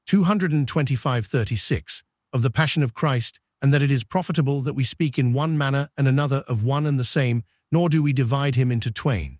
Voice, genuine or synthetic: synthetic